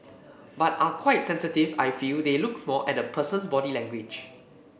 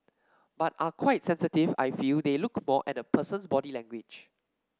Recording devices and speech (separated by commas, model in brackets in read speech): boundary microphone (BM630), standing microphone (AKG C214), read sentence